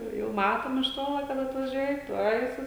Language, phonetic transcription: Lithuanian, ˈjau jau ˈmatom iš ˈtola kad atvaˈžiuoja ˈtuoj su

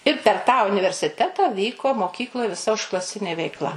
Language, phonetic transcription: Lithuanian, ir per tą universiˈteta ˈvyko moˈkykloj viˈsa užklaˈsinė veikˈla

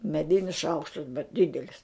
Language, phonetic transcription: Lithuanian, meˈdinis ˈšaukštas bet ˈdidelis

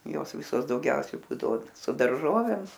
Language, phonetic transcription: Lithuanian, ˈjos ˈvisos dauˈgiausiai ˈbūdavo su darˈžovėm

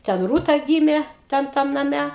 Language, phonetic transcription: Lithuanian, ten ˈrūta ˈgymė ˈten ˈtam naˈme

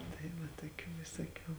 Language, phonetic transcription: Lithuanian, tai ˈva tuoˈkių visuoˈkių

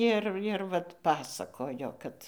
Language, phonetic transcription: Lithuanian, ˈir ir ˈvat ˈpasakojo ˈkad

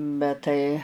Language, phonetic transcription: Lithuanian, bet ˈtai

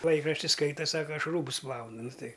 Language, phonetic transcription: Lithuanian, ˈlaikrašti ˈskaita ˈsaka ˈaš ˈrūbus ˈplaunu ˈnu ˈtai

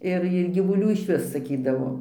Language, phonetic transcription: Lithuanian, ˈir ir gyvuˈlių išˈvis saˈkydavo

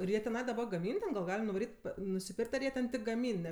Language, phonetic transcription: Lithuanian, ir ˈjie teˈnai gaˈmyn ten gal ˈgalim nuvaˈryt' nusiˈpirk't' ar ˈjie tik gaˈmyn ˈne

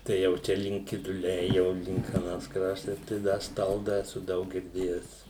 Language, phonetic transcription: Lithuanian, ˈtai jau ˈčia link kiduˈliai jau ˈlink aˈnas ˈkraštas tai ˈda ˈstalda eˈsu ˈdaug girˈdėjes

